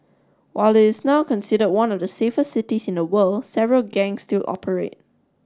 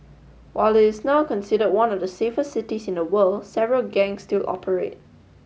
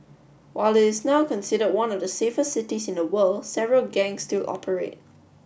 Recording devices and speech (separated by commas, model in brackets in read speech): standing microphone (AKG C214), mobile phone (Samsung S8), boundary microphone (BM630), read sentence